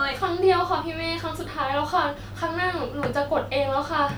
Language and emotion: Thai, sad